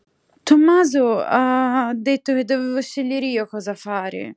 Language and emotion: Italian, sad